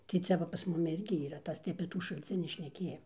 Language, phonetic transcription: Lithuanian, tai ˈcia va pas ˈmumi ˈirgi yˈra ˈtas tai apė ˈtų šalˈcinį šneˈkėja

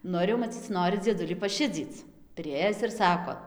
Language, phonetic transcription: Lithuanian, ˈnu ir jau maˈcyc ˈnori dzieˈdulį paˈšidzyc priˈėjis ir ˈsako

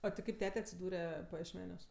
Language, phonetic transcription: Lithuanian, a ti ˈkaip ˈtete atsiˈdūre pajiešˈmeniuos

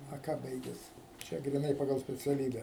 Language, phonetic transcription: Lithuanian, a ˈką ˈbaiges ˈčia gryˈnai paˈgal speciaˈlybe

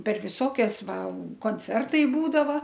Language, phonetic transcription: Lithuanian, per ˈvisokias ˈva konˈcertai ˈbūdava

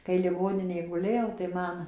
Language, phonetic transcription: Lithuanian, kai liˈgoninėj guˈlėjau tai ˈman

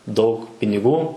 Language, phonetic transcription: Lithuanian, daug piniˈgų

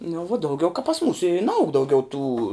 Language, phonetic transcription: Lithuanian, nu vuo dauˈgiau ka pas ˈmūsu i naˈaug dauˈgiau tų

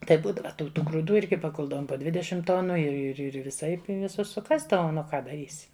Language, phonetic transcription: Lithuanian, ˈtaip ˈbūdava tai jau tų grūˈdų ˈirgi paˈkuldavom po ˈdvidešim ˈtonu ir ir ˈir viˈsaip i viˈsus suˈkasdavom nu ˈka daˈrysi

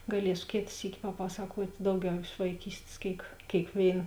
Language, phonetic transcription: Lithuanian, gaˈliesu ˈkėt ˈsyki paˈpasakuot' ˈdauˌgiau iš vaiˈkystės ˈkėik kėikˈvėin

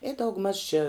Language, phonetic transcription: Lithuanian, i daugˈmaž či

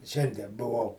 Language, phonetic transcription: Lithuanian, ˈšiandie buˈvau

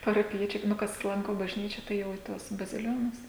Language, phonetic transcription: Lithuanian, parapiˈjiečiai ˈnu kas ˈlanko bažˈnyčia ˈtai jau į ˈtuos baziˈlionus

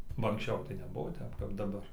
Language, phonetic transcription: Lithuanian, ba anksˈčiau tai neˈbuvo ˈtep kap daˈbar

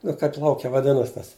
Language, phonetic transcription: Lithuanian, ˈnu kaip ˈlauke vaˈdinas tas

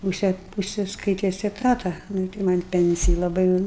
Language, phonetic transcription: Lithuanian, muˈsėt užsiskaiˈtis eˈtata nu i tai man' ˈpenciji laˈbai jau ˈnu

